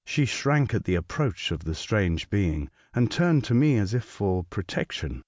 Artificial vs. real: real